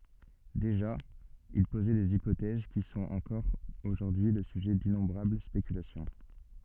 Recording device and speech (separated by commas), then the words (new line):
soft in-ear microphone, read sentence
Déjà, il posait des hypothèses qui sont encore aujourd’hui le sujet d'innombrables spéculations.